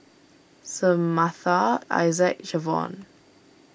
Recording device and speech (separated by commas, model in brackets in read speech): boundary microphone (BM630), read sentence